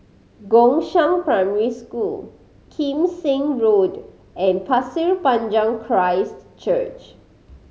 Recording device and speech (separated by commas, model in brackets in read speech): mobile phone (Samsung C5010), read sentence